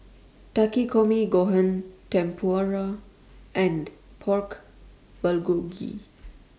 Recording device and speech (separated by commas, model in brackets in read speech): standing microphone (AKG C214), read sentence